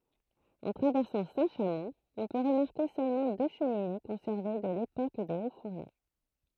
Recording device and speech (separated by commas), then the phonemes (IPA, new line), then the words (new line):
throat microphone, read sentence
ɑ̃ tʁavɛʁsɑ̃ sɛ̃tʃamɔ̃ ɔ̃ pø ʁəmaʁke sølmɑ̃ dø ʃəmine kɔ̃sɛʁve də lepok de otsfuʁno
En traversant Saint-Chamond, on peut remarquer seulement deux cheminées conservées de l'époque des hauts-fourneaux.